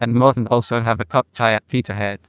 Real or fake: fake